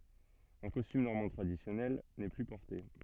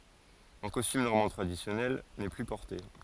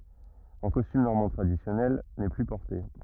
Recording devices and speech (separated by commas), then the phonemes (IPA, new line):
soft in-ear microphone, forehead accelerometer, rigid in-ear microphone, read sentence
ɑ̃ kɔstym nɔʁmɑ̃ tʁadisjɔnɛl nɛ ply pɔʁte